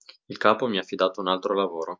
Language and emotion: Italian, neutral